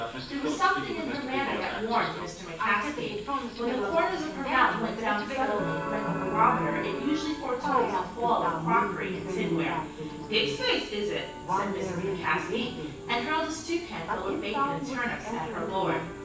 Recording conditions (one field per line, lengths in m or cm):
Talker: one person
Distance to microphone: 9.8 m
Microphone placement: far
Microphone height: 1.8 m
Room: large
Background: television